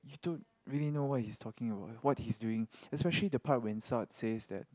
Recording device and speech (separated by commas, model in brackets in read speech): close-talking microphone, conversation in the same room